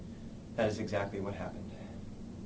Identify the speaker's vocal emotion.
neutral